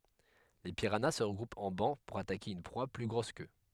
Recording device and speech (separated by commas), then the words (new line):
headset microphone, read sentence
Les piranhas se regroupent en bancs pour attaquer une proie plus grosse qu'eux.